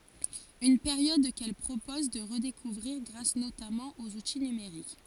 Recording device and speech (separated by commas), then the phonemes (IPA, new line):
forehead accelerometer, read sentence
yn peʁjɔd kɛl pʁopɔz də ʁədekuvʁiʁ ɡʁas notamɑ̃ oz uti nymeʁik